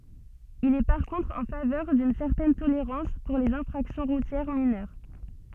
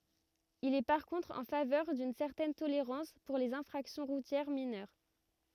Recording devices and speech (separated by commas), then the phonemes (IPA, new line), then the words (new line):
soft in-ear microphone, rigid in-ear microphone, read sentence
il ɛ paʁ kɔ̃tʁ ɑ̃ favœʁ dyn sɛʁtɛn toleʁɑ̃s puʁ lez ɛ̃fʁaksjɔ̃ ʁutjɛʁ minœʁ
Il est par contre en faveur d'une certaine tolérance pour les infractions routières mineures.